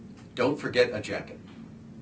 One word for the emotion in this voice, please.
neutral